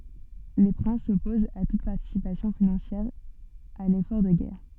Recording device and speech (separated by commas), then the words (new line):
soft in-ear microphone, read sentence
Les princes s'opposent à toute participation financière à l'effort de guerre.